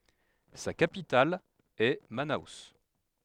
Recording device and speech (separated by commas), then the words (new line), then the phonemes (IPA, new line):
headset microphone, read sentence
Sa capitale est Manaus.
sa kapital ɛ mano